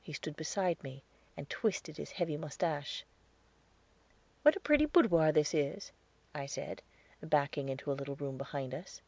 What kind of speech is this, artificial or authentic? authentic